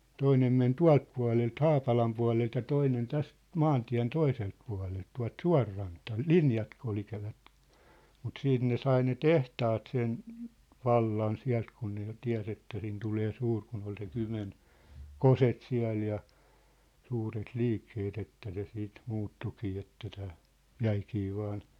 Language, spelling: Finnish, toinen meni tuolta puolelta Haapalan puolelta ja toinen tästä maantien toiselta puolelta tuolta suonrantaa linjat kulkivat mutta sitten ne sai ne tehtaat sen vallan sieltä kun ne jo tiesi että sinne tulee suuri kun oli se Kymen kosket siellä ja suuret liikkeet että se siitä muuttuikin että tämä jäikin vain
- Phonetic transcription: 'toinem men "tua̭lt pua̭lelt "Haapalam pua̭lelt ja 'toinen 'täst , 'maantiä̭n 'toiselt pua̭lelt , 'tua̭lt "sua̭rrantaa , "linjat (kulkivat) , mut 'siit ne 'sai ne "tehtaat sen , 'vallan 'siä̭lt kun ne jo 'tiä̭s ‿että sin tulee 'suur kun ‿ol se 'Kymen , "koset 'siä̭l ja , 'suuret "liikkeet ‿että se siit , 'muuttukii että tää , "jäikii 'vaan ,.

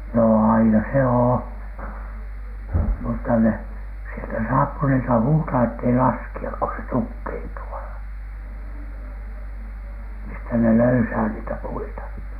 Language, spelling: Finnish, no aina se on mutta ne sieltä saappanilta huutaa että ei laskea kun se tukkeutuu - mistä ne löysää niitä puita
- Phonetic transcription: no 'aina se "oo , mutta 'ne , sieltä "saappunilta 'huutaa ettei "laski₍ak ko se 'tukkeintu a(l-) , mistä ne "löysää niitä 'puita .

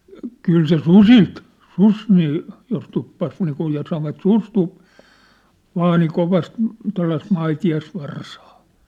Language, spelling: Finnish, kyllä se susilta susi niin jos tuppasi niin kuin ja sanoivat susi - vaani kovasti tuollaista maitiaisvarsaa
- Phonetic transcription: 'kyl se "susilt , "sus nii , jos 'tuppas niikuj ja sanovat "sus 'tu- , 'vaani 'kovast , 'tua̭llaist 'maiti₍as'varsaa .

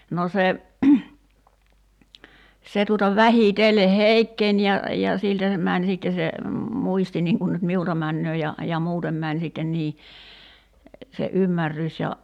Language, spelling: Finnish, no se se tuolla vähitellen heikkeni ja ja siltä se meni sitten se muisti niin kuin nyt minulta menee ja ja muuten meni sitten niin se ymmärrys ja
- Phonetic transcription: no 'se , 'se tuola "vähìtelle "heikkeń ja , ja , 'siltä (se) 'mäń sitte se , 'muisti niŋ kun nyt "miulta 'männöö ja , ja 'muutem män sitten 'nii , se '’ymmärrys ja ,.

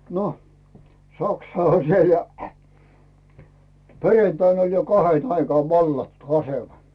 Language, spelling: Finnish, no saksa oli siellä ja perjantaina oli jo kahden aikaan vallattu asema
- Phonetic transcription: no , 'saksa oĺ "siel ja , 'perentain oĺ jo 'kahen aikaav "vallattu 'asema .

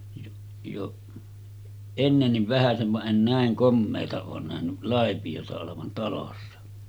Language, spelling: Finnish, jo jo ennenkin vähäsen vaan en näin komeaa ole nähnyt laipiota olevan talossa
- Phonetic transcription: jo , jo 'ennenniv vähäsen̳§ va’ ’en "nä̀eŋ 'kommeeta oon nähny , 'làepijota olevan talossa « .

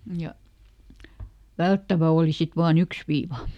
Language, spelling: Finnish, ja välttävä oli sitten vain yksi viiva
- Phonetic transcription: ja ˈvälttävä ˈooli sit vaa"n ‿yks viiva .

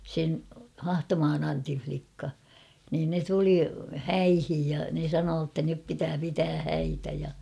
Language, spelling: Finnish, sen Hahtomaan Antin likka niin ne tuli häihin ja ne sanoi että nyt pitää pitää häitä ja
- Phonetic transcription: 'sen , "Hahtomaan ‿'Antin͕̬ flikka , niin 'ne 'tuli "häihij ja ne 'sanoo ‿ttä nyp 'pitää pitää "häitä ja .

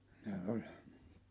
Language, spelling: Finnish, ne oli
- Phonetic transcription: ne 'oĺ .

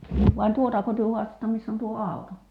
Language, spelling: Finnish, vai tuotako te haastatte missä on tuo auto
- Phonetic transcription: vai 'tuotako työ 'huastatta miss ‿on tuo "àu̬to ?

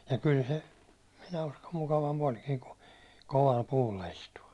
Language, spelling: Finnish, ja kyllä se minä uskon mukavampi olikin kuin kovalla puulla istua
- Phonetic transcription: ja kyl se , 'minä uskom 'mukavamp ‿oĺkii ku , koval 'puulla istu₍a .

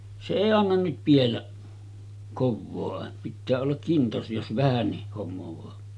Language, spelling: Finnish, se ei anna nyt pidellä kovaa - pitää olla kinnas jos vähänkin hommaa
- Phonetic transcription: se 'èi 'annan nyt piellä , "kovvo̳a̳§ àe- , pittää ollak 'kintas jos 'vähännih hommovaa .

